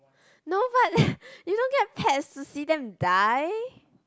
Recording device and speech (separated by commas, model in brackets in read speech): close-talking microphone, conversation in the same room